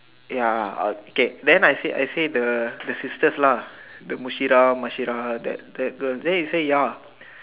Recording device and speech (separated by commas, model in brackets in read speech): telephone, conversation in separate rooms